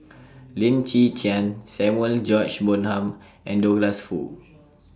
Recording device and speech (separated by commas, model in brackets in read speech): standing microphone (AKG C214), read sentence